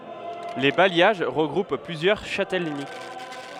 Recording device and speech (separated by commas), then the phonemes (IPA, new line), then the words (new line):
headset microphone, read sentence
le bajjaʒ ʁəɡʁup plyzjœʁ ʃatɛləni
Les bailliages regroupent plusieurs châtellenies.